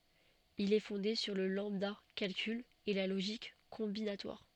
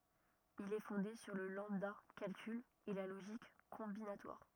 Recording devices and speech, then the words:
soft in-ear microphone, rigid in-ear microphone, read sentence
Il est fondé sur le lambda-calcul et la logique combinatoire.

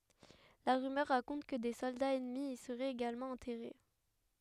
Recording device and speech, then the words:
headset microphone, read sentence
La rumeur raconte que des soldats ennemis y seraient également enterrés.

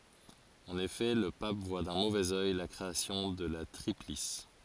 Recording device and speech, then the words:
forehead accelerometer, read sentence
En effet, le pape voit d'un mauvais œil la création de la Triplice.

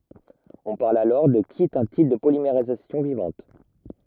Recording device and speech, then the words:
rigid in-ear microphone, read sentence
On parle alors de qui est un type de polymérisation vivante.

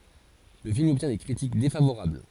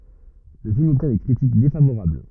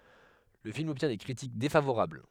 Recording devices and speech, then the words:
forehead accelerometer, rigid in-ear microphone, headset microphone, read sentence
Le film obtient des critiques défavorables.

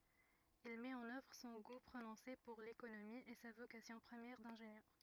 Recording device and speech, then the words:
rigid in-ear microphone, read sentence
Il met en œuvre son goût prononcé pour l'économie et sa vocation première d'ingénieur.

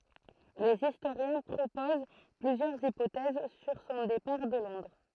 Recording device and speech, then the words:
throat microphone, read sentence
Les historiens proposent plusieurs hypothèses sur son départ de Londres.

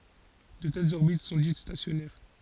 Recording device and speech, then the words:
forehead accelerometer, read sentence
De telles orbites sont dites stationnaires.

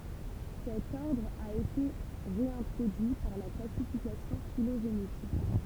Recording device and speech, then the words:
temple vibration pickup, read sentence
Cet ordre a été réintroduit par la classification phylogénétique.

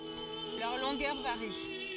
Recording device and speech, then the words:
forehead accelerometer, read sentence
Leur longueur varie.

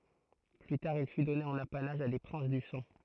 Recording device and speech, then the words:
throat microphone, read sentence
Plus tard il fut donné en apanage à des princes du sang.

